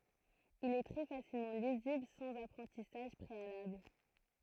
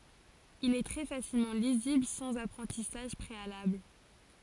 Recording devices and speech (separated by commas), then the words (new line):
throat microphone, forehead accelerometer, read sentence
Il est très facilement lisible sans apprentissage préalable.